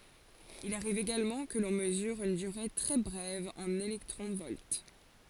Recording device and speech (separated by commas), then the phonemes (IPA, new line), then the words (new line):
forehead accelerometer, read sentence
il aʁiv eɡalmɑ̃ kə lɔ̃ məzyʁ yn dyʁe tʁɛ bʁɛv ɑ̃n elɛktʁɔ̃ vɔlt
Il arrive également que l'on mesure une durée très brève en électrons-volts.